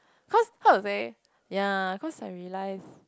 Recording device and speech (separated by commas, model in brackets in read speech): close-talking microphone, conversation in the same room